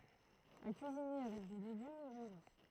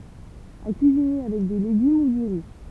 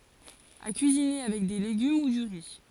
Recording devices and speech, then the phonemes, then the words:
throat microphone, temple vibration pickup, forehead accelerometer, read sentence
a kyizine avɛk de leɡym u dy ʁi
À cuisiner avec des légumes ou du riz.

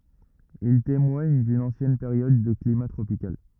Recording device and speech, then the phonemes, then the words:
rigid in-ear microphone, read sentence
il temwaɲ dyn ɑ̃sjɛn peʁjɔd də klima tʁopikal
Ils témoignent d'une ancienne période de climat tropical.

